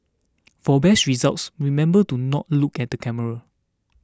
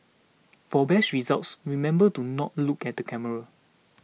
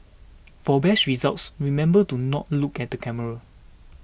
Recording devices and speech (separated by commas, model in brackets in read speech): standing microphone (AKG C214), mobile phone (iPhone 6), boundary microphone (BM630), read sentence